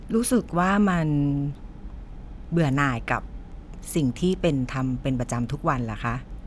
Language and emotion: Thai, frustrated